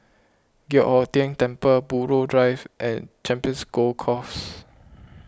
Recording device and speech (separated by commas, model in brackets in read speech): close-talking microphone (WH20), read sentence